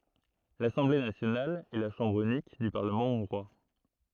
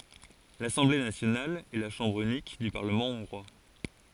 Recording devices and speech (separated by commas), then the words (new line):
throat microphone, forehead accelerometer, read sentence
L'Assemblée nationale est la chambre unique du Parlement hongrois.